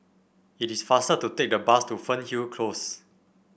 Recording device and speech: boundary microphone (BM630), read sentence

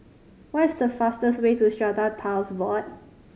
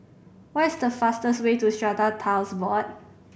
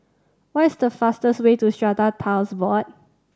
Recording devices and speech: mobile phone (Samsung C5010), boundary microphone (BM630), standing microphone (AKG C214), read sentence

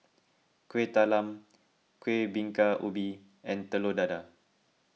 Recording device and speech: mobile phone (iPhone 6), read sentence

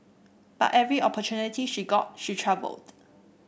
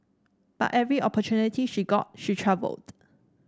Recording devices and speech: boundary microphone (BM630), standing microphone (AKG C214), read sentence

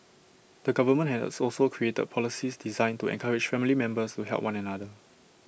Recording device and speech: boundary microphone (BM630), read sentence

